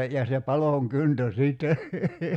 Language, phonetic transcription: Finnish, ja se "palòŋ "kyntö 'siitte ,.
- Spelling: ja se palon kyntö sitten

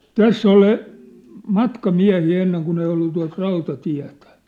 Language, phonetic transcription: Finnish, täss ‿oli , "matka'miä̭hii enneŋ kun ‿ei ollu tuat 'rauta'tiä̭tᴀ̈ .
- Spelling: tässä oli matkamiehiä ennen kun ei ollut tuota rautatietä

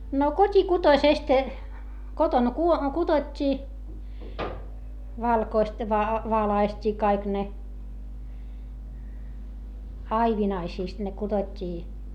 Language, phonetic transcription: Finnish, no kot́ikutoⁱsest , kotoŋ ku₍o- , kuDot́t́ii , valkoist va- , valaist́ii kaik ne , aivinaisiist ne kuDot́t́ii .
- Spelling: no kotikutoisesta kotona - kudottiin valkoiset - valaistiin kaikki ne aivinaisista ne kudottiin

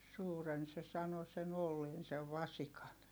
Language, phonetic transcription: Finnish, suuren se sano sen ‿olleen sev vasikan .
- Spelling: suuren se sanoi sen olleen sen vasikan

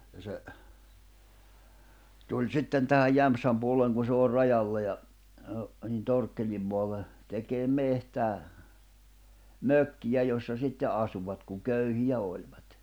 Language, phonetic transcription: Finnish, ja se , 'tuĺ "sitten tähäj 'Jämpsäm puolleŋ ku se òr̆ 'rajalla ja , ə , nin 'Torkkelim moalle , tekeem 'mehtää , "mökkijä jossa 'sitte '’asuvat kuŋ 'köyhijä òĺᴠᴀt .
- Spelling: ja se tuli sitten tähän Jämsän puolelle kun se on rajalla ja - niin Torkkelin maalle tekemään metsää mökkiä jossa sitten asuivat kun köyhiä olivat

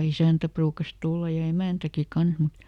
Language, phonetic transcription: Finnish, (ja) "isä̀ntä ˈpruukas ˈtulla ja "emä̀ntäki ˈkans mut ,.
- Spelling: ja isäntä ruukasi tulla ja emäntäkin kanssa mutta

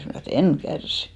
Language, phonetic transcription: Finnish, mnä̀ snò e"t‿ » en 'kärsɪ . «
- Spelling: minä sanoin että en kärsi

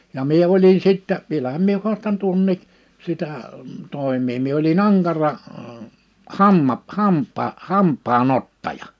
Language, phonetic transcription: Finnish, ja 'mie 'olin 'sittä , 'vielähäm mie 'huastan 'tuonnii" , sitä , 'tòim̀ii mie oli"n ‿aŋkara , ə , 'hamma- , 'hamp̆paa- , 'hamp̆paa'n ‿ottaja .
- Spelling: ja minä olin sitten vielähän minä haastan tuonkin sitä toimea minä olin ankara - - - - hampaanottaja

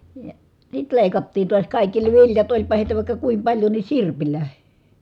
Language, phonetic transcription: Finnish, ja , sit lèikattiin̬ tuas kàikki ne viljat oĺpa hèitä vàikka kuim paĺjo ni sirpilä .
- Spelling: ja sitten leikattiin taas kaikki ne viljat olipa heitä vaikka kuinka paljon niin sirpillä

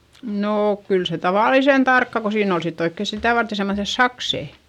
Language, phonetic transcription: Finnish, nook kyl se tavàlisen tarkka ko siin ‿ol sitt ‿oikke sitä̀ varte semmoϑes saksè .
- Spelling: no kyllä se tavallisen tarkkaan kun siinä oli sitten oikein sitä varten semmoiset sakset

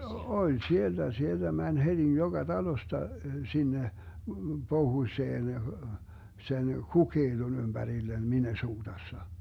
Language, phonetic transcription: Finnish, 'oĺ "sielDä , 'sielDä 'mäń 'heDi 'joGa "Dalosta , 'sinne , 'pohuⁱseen , sen 'KukeiDon 'ymBärillen 'MinnesuuDassa .
- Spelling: oli sieltä sieltä meni heti joka talosta sinne pohjoiseen sen Cokaton ympärille Minnesotassa

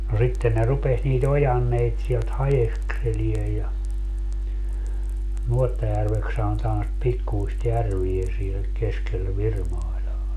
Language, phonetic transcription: Finnish, no 'sitten ne 'rupes nii't ‿ojanneit sielt 'hajekselie ja , 'Nuottajärveks sanotaan sit 'pikkuist 'järvie siel 'keskel 'Virmailaa .
- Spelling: no sitten ne rupesi niitä ojanteita sieltä haeskelemaan ja Nuottajärveksi sanotaan sitä pikkuista järveä siellä keskellä Virmailaa

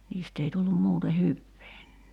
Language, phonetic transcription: Finnish, 'niist ‿ei tullum 'muute "hyvee .
- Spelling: niistä ei tullut muuten hyvää

